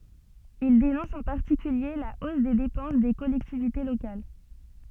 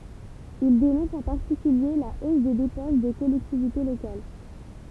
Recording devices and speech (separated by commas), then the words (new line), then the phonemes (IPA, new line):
soft in-ear microphone, temple vibration pickup, read sentence
Il dénonce en particulier la hausse des dépenses des collectivités locales.
il denɔ̃s ɑ̃ paʁtikylje la os de depɑ̃s de kɔlɛktivite lokal